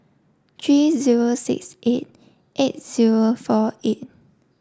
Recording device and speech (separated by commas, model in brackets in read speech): standing microphone (AKG C214), read sentence